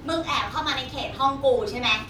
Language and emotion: Thai, angry